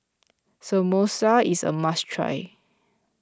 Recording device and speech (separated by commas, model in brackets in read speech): close-talking microphone (WH20), read sentence